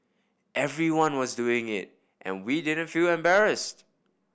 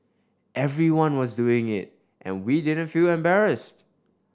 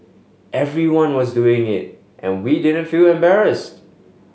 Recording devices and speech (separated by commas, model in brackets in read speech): boundary microphone (BM630), standing microphone (AKG C214), mobile phone (Samsung S8), read sentence